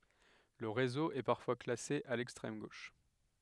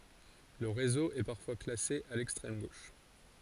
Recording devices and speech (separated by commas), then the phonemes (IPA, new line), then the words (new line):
headset microphone, forehead accelerometer, read sentence
lə ʁezo ɛ paʁfwa klase a lɛkstʁɛm ɡoʃ
Le réseau est parfois classé à l'extrême gauche.